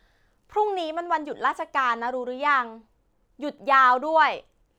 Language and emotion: Thai, frustrated